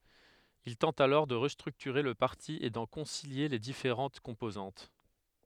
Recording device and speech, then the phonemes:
headset microphone, read sentence
il tɑ̃t alɔʁ də ʁəstʁyktyʁe lə paʁti e dɑ̃ kɔ̃silje le difeʁɑ̃t kɔ̃pozɑ̃t

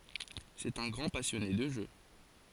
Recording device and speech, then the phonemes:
forehead accelerometer, read sentence
sɛt œ̃ ɡʁɑ̃ pasjɔne də ʒø

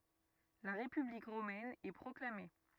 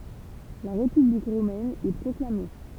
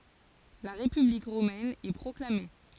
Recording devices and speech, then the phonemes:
rigid in-ear microphone, temple vibration pickup, forehead accelerometer, read sentence
la ʁepyblik ʁomɛn ɛ pʁɔklame

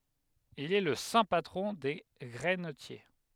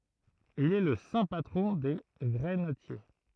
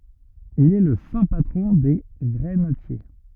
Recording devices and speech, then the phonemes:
headset microphone, throat microphone, rigid in-ear microphone, read sentence
il ɛ lə sɛ̃ patʁɔ̃ de ɡʁɛnətje

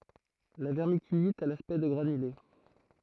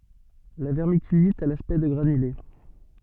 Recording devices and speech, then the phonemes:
throat microphone, soft in-ear microphone, read sentence
la vɛʁmikylit a laspɛkt də ɡʁanyle

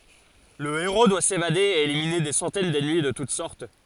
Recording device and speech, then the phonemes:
forehead accelerometer, read sentence
lə eʁo dwa sevade e elimine de sɑ̃tɛn dɛnmi də tut sɔʁt

